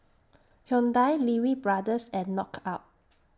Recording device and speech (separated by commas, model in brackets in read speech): standing microphone (AKG C214), read sentence